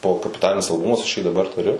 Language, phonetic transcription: Lithuanian, ˈbuvo kapiˈtalinis alˈbumas aš jį daˈbar tuˈriu

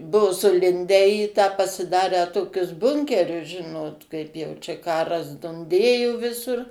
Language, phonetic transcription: Lithuanian, ˈbuo suˈlindę į tą pasiˈdarę ˈtokius ˈbunkerius ˈžinot ˈkaip jau ˈčia ˈkaras dunˈdėjo ˈvisur

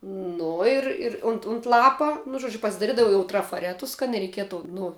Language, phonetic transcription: Lithuanian, ˈnu ir ir unt unt ˈlapa nu ˈžuodžiu pasidaˈridavau trafaˈretus kad nereiˈkietu ˈnu

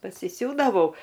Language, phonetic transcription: Lithuanian, pasiˈsiūdavau

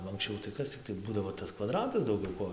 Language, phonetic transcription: Lithuanian, nu anksˈčiau tai ˈkas cikˈtai ˈbūdavo tas kvaˈdratas dauˈgiau ˈko

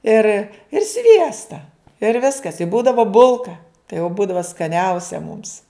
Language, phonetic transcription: Lithuanian, ir ir ˈsviesta ir ˈviskas i ˈbūdava ˈbulka tai jau ˈbūdava skaˈniausia mums

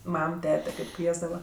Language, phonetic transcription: Lithuanian, ˈmam ˈtete ˈkaip ˈkviesdava

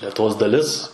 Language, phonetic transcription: Lithuanian, letuˈvos daˈlis

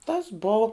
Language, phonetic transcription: Lithuanian, tas ˈbou

